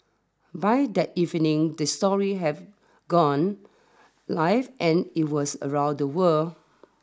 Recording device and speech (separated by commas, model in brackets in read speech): standing microphone (AKG C214), read sentence